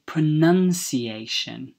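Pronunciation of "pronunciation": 'Pronunciation' is pronounced correctly here: it begins 'pronun', not 'pronoun' as in the verb 'pronounce'.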